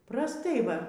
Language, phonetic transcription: Lithuanian, prasˈtai ˈva

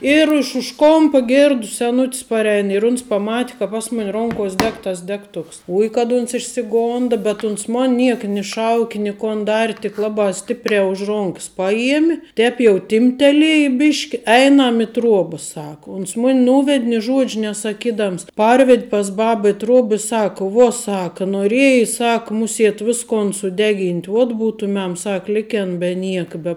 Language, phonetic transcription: Lithuanian, ir iš už ˈkompa ˈgirdu seˈnut's paˈrēn ir uns paˈmati ka ˈpas mun' ˈronkos' ˈdeg tas ˈdegtuks ˈui kad uns išsiˈgonda bet uns ˈmon ˈniek ni ˈšauki ni kon ˈdari tik ˈlabā ˈstiprē už ˈronks paˈjiem' ˈtēp jau ˈtimptelieji ˈbiški ˈeinam i ˈtruoba ˈsaka uns ˈmuni ˈnūved' ni ˈžuodž' nesaˈkidams ˈparvedˈ pas ˈbaba i ˈtruob i ˈsaka ˈvuo ˈsaka nuoˈrieji ˈsak ˈmuˌsiet ˈviskon suˈdeˌgint' uot ˈbutumem ˈsak ˈliken be ˈnieka be

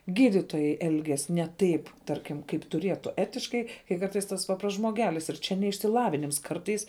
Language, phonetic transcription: Lithuanian, ˈgyditojai ˈelgias ne ˈtaip ˈtarkim kaip tuˈrietu ˈetiškai kai ˈkartais ˈtas ˈpaprasts žmoˈgelis ir ˈčia ne išsiˈlavinims ˈkartais

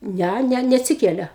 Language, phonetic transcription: Lithuanian, ˈnæ ˈne neatˈsikelia

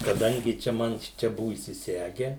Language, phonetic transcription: Lithuanian, kaˈdangi ˈčia ˈman ˈšičia ˈbuvu įsiˈsege

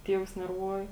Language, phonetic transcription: Lithuanian, ˈtievus nerˈvuoji

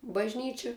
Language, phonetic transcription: Lithuanian, bažˈnyči

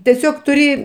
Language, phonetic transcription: Lithuanian, teˈsiog tuˈri

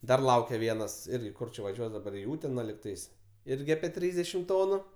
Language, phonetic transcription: Lithuanian, ˈdar ˈlaukia ˈvienas ˈirgi ˈkur čia vaˈžiuos daˈbar i ˈūtena ligˈtais ˈirgi apie ˈtrysdešim ˈtonu

